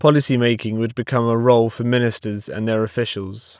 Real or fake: real